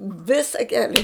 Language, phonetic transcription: Lithuanian, ˈvisa ˈkeli

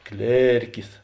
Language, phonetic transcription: Lithuanian, ˈklėrkis

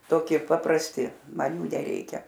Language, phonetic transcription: Lithuanian, toˈkie paprasˈti ˈman ˈjų neˈreikia

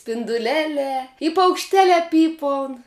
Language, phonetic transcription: Lithuanian, spinduˈlelē i paukšˈtelē ˈpypaun

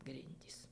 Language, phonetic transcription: Lithuanian, ˈgrindys

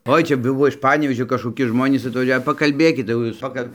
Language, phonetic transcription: Lithuanian, ˈoi ˈčia ˈbuvo iš ˈpanevėžio kažkoˈki ˈžmonys atvaˈžiau pakalˈbėkit jau ˈjūs ˈpakal'

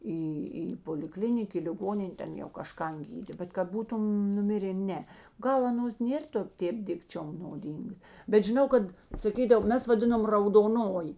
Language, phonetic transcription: Lithuanian, ˈį į poliˈklinik į liˈgonin' ˈten jau kažˈkan ˈgydė bet kad ˈbūtun nuˈmirė ˈne ˈgal aˈnos ˈnėr to ˈtėp ˈdikčiom noˈdyngas bet žiˈnau ˈkad saˈkydavo ˈmes vaˈdinom raudoˈnoji

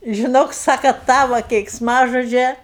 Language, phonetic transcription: Lithuanian, žiˈnok ˈsaka ˈtavo keiksˈmažodžia

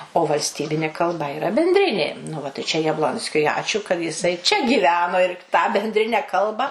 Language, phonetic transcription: Lithuanian, o valsˈtybinė kalˈba iˈra bendˈrinė nu ˈva tai čia jabˈlonskiui ˈačiū kad jiˈsai čia gyˈveno ir tą bendˈrine ˈkalba

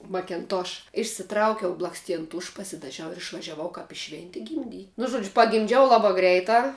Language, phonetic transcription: Lithuanian, makenˈtoš išsiˈtraukiau blaksˈtien ˈtuš pasidaˈžiau ir išvažiaˈvau kap i ˈšventi gimˈdy nu ˈžuodžiu pagimˈdžiau ˈlabā ˈgreitā

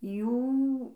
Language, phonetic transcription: Lithuanian, ˈjų

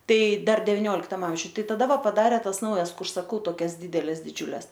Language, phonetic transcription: Lithuanian, ˈtai ˈdar deviˈnioliktam ˈamžiuj ˈtai taˈda ˈva paˈdarė ˈtas ˈnaujas ˈkur saˈkau toˈkias ˈdydeles diˈdžiules

